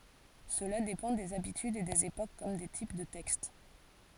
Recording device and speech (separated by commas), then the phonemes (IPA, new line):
forehead accelerometer, read sentence
səla depɑ̃ dez abitydz e dez epok kɔm de tip də tɛkst